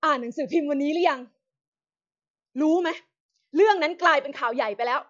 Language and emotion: Thai, angry